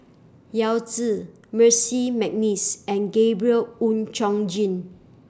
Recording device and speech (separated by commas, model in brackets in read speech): standing microphone (AKG C214), read sentence